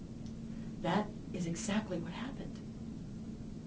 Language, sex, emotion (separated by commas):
English, female, sad